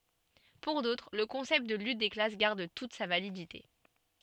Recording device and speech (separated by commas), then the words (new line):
soft in-ear microphone, read sentence
Pour d'autres, le concept de lutte des classes garde toute sa validité.